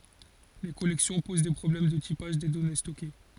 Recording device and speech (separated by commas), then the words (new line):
forehead accelerometer, read sentence
Les collections posent des problèmes de typage des données stockées.